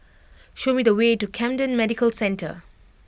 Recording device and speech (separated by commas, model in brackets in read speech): boundary microphone (BM630), read sentence